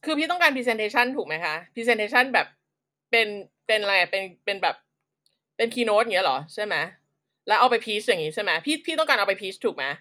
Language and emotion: Thai, frustrated